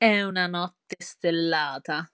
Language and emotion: Italian, disgusted